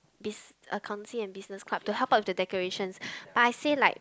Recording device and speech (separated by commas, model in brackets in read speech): close-talking microphone, conversation in the same room